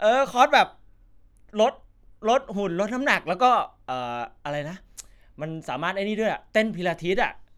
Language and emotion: Thai, happy